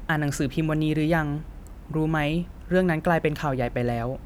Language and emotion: Thai, neutral